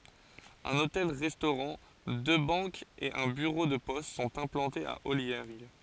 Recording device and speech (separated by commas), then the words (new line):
forehead accelerometer, read sentence
Un hôtel-restaurant, deux banques et un bureau de poste sont implantés à Olliergues.